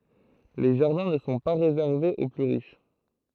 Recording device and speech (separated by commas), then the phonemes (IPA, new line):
throat microphone, read sentence
le ʒaʁdɛ̃ nə sɔ̃ pa ʁezɛʁvez o ply ʁiʃ